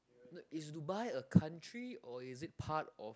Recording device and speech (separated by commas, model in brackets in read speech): close-talking microphone, conversation in the same room